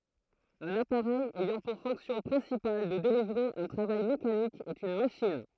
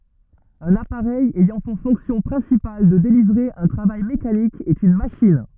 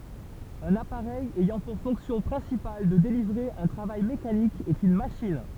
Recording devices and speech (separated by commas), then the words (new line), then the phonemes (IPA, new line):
throat microphone, rigid in-ear microphone, temple vibration pickup, read sentence
Un appareil ayant pour fonction principale de délivrer un travail mécanique est une machine.
œ̃n apaʁɛj ɛjɑ̃ puʁ fɔ̃ksjɔ̃ pʁɛ̃sipal də delivʁe œ̃ tʁavaj mekanik ɛt yn maʃin